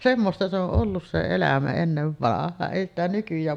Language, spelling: Finnish, semmoista se on ollut se elämä ennen vanhaan ei sitä nykyään
- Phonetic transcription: "semmosta se ‿oˀ "ˀollus se 'elämä ennevvanah̆haan , èi ‿stä nykyj̆jään .

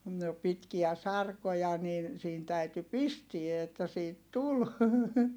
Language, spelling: Finnish, no pitkiä sarkoja niin siinä täytyi pistää että siitä tuli
- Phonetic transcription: no , pitkiä sarkoja nin , siin täyty pistie että siit tul .

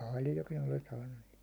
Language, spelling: Finnish, paljonkin olen saanut niitä
- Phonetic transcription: 'pàljokin ‿olen saannun niit .

